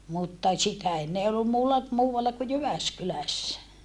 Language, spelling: Finnish, mutta sitä ennen ei ollut muulla muualla kuin Jyväskylässä
- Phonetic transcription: mutta , sitä enne ee ollum muulla , muuwalla ku Jyväskylässä .

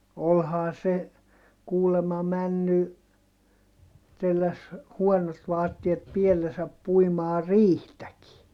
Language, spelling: Finnish, olihan se kuulemma mennyt telläsi huonot vaatteet päällensä puimaan riihtäkin
- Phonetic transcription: olhaa se , kuulema männy , telläs , huɔnot vaattiet piellesäp puimaa riihtäki .

